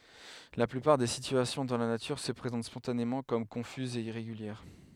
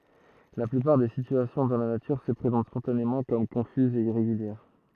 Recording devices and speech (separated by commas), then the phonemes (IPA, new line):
headset microphone, throat microphone, read sentence
la plypaʁ de sityasjɔ̃ dɑ̃ la natyʁ sə pʁezɑ̃t spɔ̃tanemɑ̃ kɔm kɔ̃fyzz e iʁeɡyljɛʁ